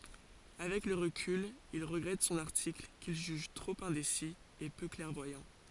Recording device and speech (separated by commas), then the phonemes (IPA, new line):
forehead accelerometer, read sentence
avɛk lə ʁəkyl il ʁəɡʁɛt sɔ̃n aʁtikl kil ʒyʒ tʁop ɛ̃desi e pø klɛʁvwajɑ̃